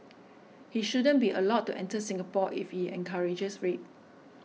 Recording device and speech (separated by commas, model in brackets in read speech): mobile phone (iPhone 6), read sentence